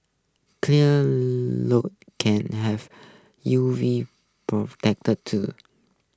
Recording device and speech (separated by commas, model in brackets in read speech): close-talking microphone (WH20), read sentence